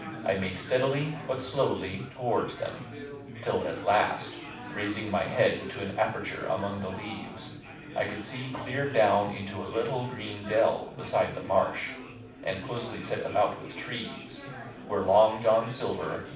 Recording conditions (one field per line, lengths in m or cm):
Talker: one person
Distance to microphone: 5.8 m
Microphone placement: far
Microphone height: 1.8 m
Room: medium-sized (5.7 m by 4.0 m)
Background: babble